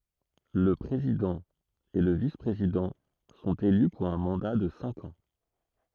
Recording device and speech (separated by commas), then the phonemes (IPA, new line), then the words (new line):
throat microphone, read sentence
lə pʁezidɑ̃ e lə vispʁezidɑ̃ sɔ̃t ely puʁ œ̃ mɑ̃da də sɛ̃k ɑ̃
Le président et le vice-président sont élus pour un mandat de cinq ans.